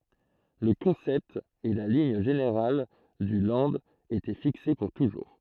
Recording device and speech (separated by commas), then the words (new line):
throat microphone, read sentence
Le concept et la ligne générale du Land étaient fixés pour toujours.